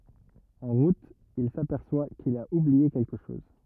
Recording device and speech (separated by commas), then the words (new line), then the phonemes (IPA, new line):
rigid in-ear microphone, read sentence
En route, il s'aperçoit qu'il a oublié quelque chose.
ɑ̃ ʁut il sapɛʁswa kil a ublie kɛlkə ʃɔz